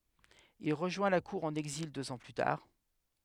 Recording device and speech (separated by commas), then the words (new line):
headset microphone, read sentence
Il rejoint la cour en exil deux ans plus tard.